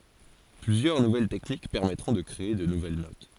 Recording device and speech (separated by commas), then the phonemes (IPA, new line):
forehead accelerometer, read sentence
plyzjœʁ nuvɛl tɛknik pɛʁmɛtʁɔ̃ də kʁee də nuvɛl not